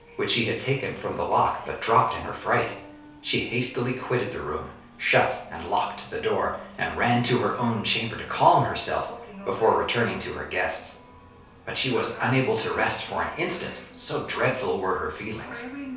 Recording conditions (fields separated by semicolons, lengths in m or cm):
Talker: one person; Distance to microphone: 3.0 m; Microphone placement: far; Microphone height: 1.8 m; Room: small (3.7 m by 2.7 m); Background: television